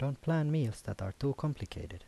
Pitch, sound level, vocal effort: 135 Hz, 78 dB SPL, soft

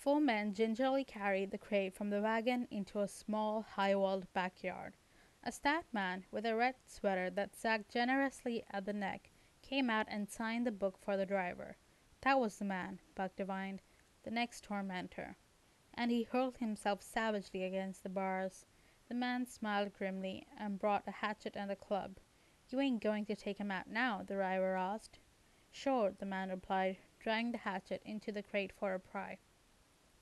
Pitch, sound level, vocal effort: 205 Hz, 83 dB SPL, normal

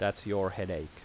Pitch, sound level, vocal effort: 100 Hz, 83 dB SPL, normal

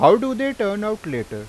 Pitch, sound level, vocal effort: 210 Hz, 94 dB SPL, loud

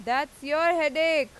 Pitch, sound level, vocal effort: 300 Hz, 100 dB SPL, very loud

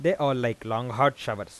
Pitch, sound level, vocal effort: 135 Hz, 91 dB SPL, normal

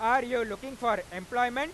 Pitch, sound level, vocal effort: 245 Hz, 106 dB SPL, very loud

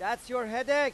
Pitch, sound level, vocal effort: 250 Hz, 104 dB SPL, very loud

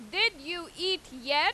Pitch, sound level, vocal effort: 345 Hz, 98 dB SPL, very loud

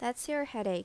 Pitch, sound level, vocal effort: 240 Hz, 83 dB SPL, normal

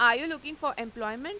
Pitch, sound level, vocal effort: 280 Hz, 97 dB SPL, loud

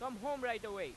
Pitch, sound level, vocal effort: 250 Hz, 100 dB SPL, very loud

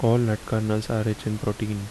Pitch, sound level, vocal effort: 110 Hz, 76 dB SPL, soft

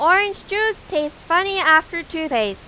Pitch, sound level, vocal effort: 335 Hz, 96 dB SPL, very loud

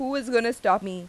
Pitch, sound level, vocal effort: 230 Hz, 89 dB SPL, loud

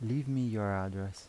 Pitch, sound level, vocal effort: 100 Hz, 81 dB SPL, soft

